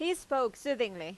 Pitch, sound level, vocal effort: 255 Hz, 92 dB SPL, loud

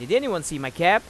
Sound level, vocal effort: 96 dB SPL, loud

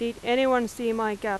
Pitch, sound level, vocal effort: 235 Hz, 91 dB SPL, very loud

